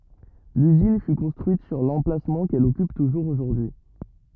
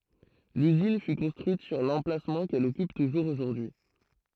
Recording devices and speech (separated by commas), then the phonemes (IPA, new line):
rigid in-ear microphone, throat microphone, read sentence
lyzin fy kɔ̃stʁyit syʁ lɑ̃plasmɑ̃ kɛl ɔkyp tuʒuʁz oʒuʁdyi